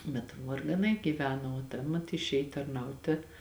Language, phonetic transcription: Lithuanian, bet vargaˈnai gyˈveno o ˈta mat išˈėj tarˈnautė

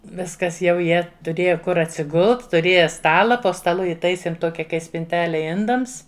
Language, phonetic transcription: Lithuanian, ˈviskas jau ˈjie tuˈrėja ˈkur atsiˈgult tuˈrėja ˈstala po staˈlu iˈtaisėm ˈtokia ˈkai spinˈtele ˈindams

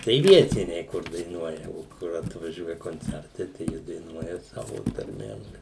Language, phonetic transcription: Lithuanian, tai ˈvietiniai kur daiˈnuoja o ˈkur atvaˈžiuoja konˈcertai tai ˈjie daiˈnuoja ˈsavo tarˈmėm

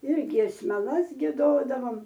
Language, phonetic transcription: Lithuanian, ir giesmeˈlas gieˈdodavom

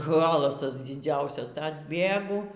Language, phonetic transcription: Lithuanian, ˈhalasas diˈdziausias atˈbėgu

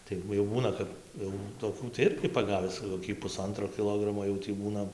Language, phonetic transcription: Lithuanian, ˈtai va jau ˈbūna kap jau toˈkių cia ˈirgi paˈgavis koˈkį puˈsantro kiˈlogramo jau tį ˈbūna

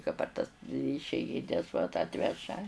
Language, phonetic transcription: Lithuanian, ka par tas išeiˈgines vat ˈatveža

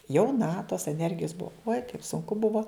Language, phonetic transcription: Lithuanian, jauˈna tos eˈnergijos ˈbuo uoj kaip sunˈku ˈbuvo

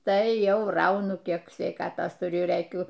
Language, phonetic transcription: Lithuanian, ˈtai ˈjau ˈraunu ˈkiek sveiˈkatos tuˈriu rɘˈkiu

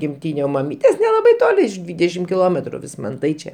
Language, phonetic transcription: Lithuanian, gimˈtyne o maˈmytės nelaˈbai ˈtoli iš ˈdvydešim kiˈlometru vismanˈtai čia

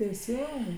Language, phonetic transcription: Lithuanian, teiˈsingai

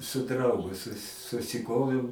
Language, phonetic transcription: Lithuanian, su ˈdraugu su susiˈkoviau

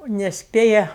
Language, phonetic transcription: Lithuanian, nesˈpėja

